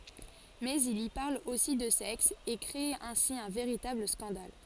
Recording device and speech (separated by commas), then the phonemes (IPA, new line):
forehead accelerometer, read sentence
mɛz il i paʁl osi də sɛks e kʁe ɛ̃si œ̃ veʁitabl skɑ̃dal